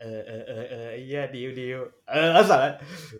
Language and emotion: Thai, happy